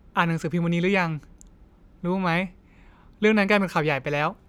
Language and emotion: Thai, neutral